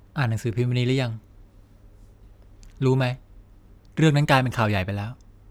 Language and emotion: Thai, frustrated